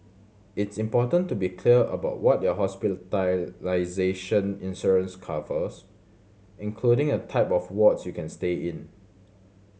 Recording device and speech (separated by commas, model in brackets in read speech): mobile phone (Samsung C7100), read sentence